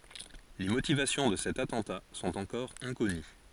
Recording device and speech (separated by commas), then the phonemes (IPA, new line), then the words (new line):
forehead accelerometer, read sentence
le motivasjɔ̃ də sɛt atɑ̃ta sɔ̃t ɑ̃kɔʁ ɛ̃kɔny
Les motivations de cet attentat sont encore inconnues.